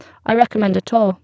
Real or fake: fake